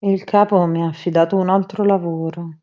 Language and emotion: Italian, sad